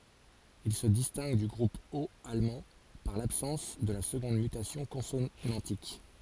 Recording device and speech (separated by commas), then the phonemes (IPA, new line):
forehead accelerometer, read sentence
il sə distɛ̃ɡ dy ɡʁup ot almɑ̃ paʁ labsɑ̃s də la səɡɔ̃d mytasjɔ̃ kɔ̃sonɑ̃tik